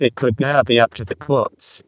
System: VC, vocoder